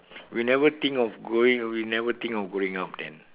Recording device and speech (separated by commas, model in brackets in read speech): telephone, conversation in separate rooms